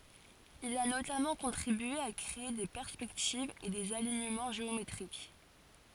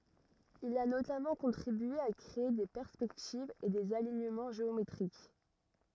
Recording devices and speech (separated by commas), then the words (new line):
forehead accelerometer, rigid in-ear microphone, read sentence
Il a notamment contribué à créer des perspectives et des alignements géométriques.